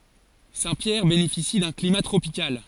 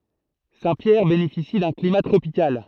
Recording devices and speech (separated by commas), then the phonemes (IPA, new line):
forehead accelerometer, throat microphone, read sentence
sɛ̃tpjɛʁ benefisi dœ̃ klima tʁopikal